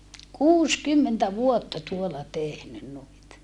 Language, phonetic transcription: Finnish, kuuskymmentä vuotta tuola tehnyn nuit .
- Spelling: kuusikymmentä vuotta tuolla tehnyt noita

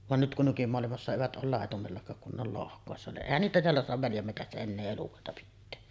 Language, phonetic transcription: Finnish, van nyt kun 'nykymoalimassa "evät ˀool 'làetumellakaak kun ne ‿ol 'lohk̀òessa niˀ "ˀèihän niitä teällä soatav 'väljämmetässä ennee 'elukòeta pittee .
- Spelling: vaan nyt kun nykymaailmassa evät ole laitumellakaan kun ne on lohkoissa niin eihän niitä täällä saata väljänmetsässä enää elukoita pitää

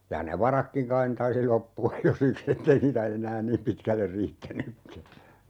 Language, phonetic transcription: Finnish, ja ne "varakkiŋ kain ne 'taisi 'loppu₍aj jo "sik's ‿ettei niitä 'eǹään "niim pitkäller 'riittänykkä .
- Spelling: ja ne varatkin kai ne taisi loppua jo siksi että ei niitä enää niin pitkälle riittänytkään

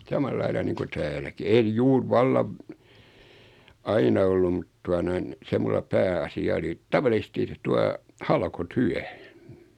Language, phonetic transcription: Finnish, 'samal'laila niiŋku "tääläki en 'juur "vallav , 'aina ollum mut 'tua noin̬ , 'se mulla 'pää₍asi₍a oli , 'tavalisᵉsti tua , 'halko'tyä .
- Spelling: samalla lailla niin kuin täälläkin en juuri vallan aina ollut mutta tuota noin se minulla pääasia oli tavallisesti tuota halkotyö

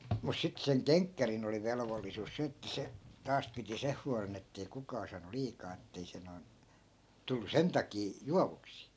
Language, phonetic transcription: Finnish, mus 'sit seŋ "keŋkkärin ‿oli 'velvollisus "se että 'se , 'taas piti "seh hualen ‿ettei 'kukaa saanu 'liikaa ettei se noi̮n , tullu "sen takii , "juavuksii .
- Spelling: mutta sitten sen kenkkärin oli velvollisuus se että se taas piti sen huolen että ei kukaan saanut liikaa että ei se noin tullut sen takia juovuksiin

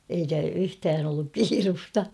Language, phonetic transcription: Finnish, eikä 'yhtään ‿olluk "kiirusta .
- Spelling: eikä yhtään ollut kiirettä

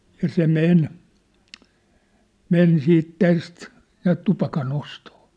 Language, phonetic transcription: Finnish, ja 'se "men , "men "siit "täst , näät 'tupaka'n ‿ostoo .
- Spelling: ja se meni meni sitten tästä näet tupakan ostoon

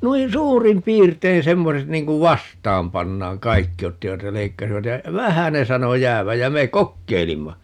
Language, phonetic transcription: Finnish, 'nuin "suurim 'piirtein 'semmoset 'niiŋ kuv "vastaam 'pannaaŋ - "kaikki 'ottivat ja 'leikkasivat ja , "vähä ne 'sano "jääväj jä 'me "kokkeilimma .
- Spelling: noin suurin piirtein semmoiset niin kuin vastaan pannaan kaikki ottivat ja leikkasivat ja vähän ne sanoi jäävän ja me kokeilimme

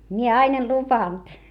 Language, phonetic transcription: Finnish, mie ain ‿en lupan .
- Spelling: minä aina en luvannut

